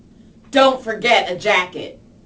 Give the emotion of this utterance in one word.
disgusted